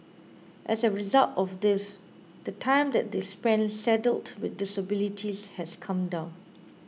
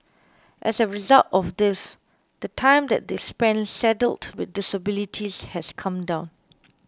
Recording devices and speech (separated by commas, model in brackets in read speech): mobile phone (iPhone 6), close-talking microphone (WH20), read sentence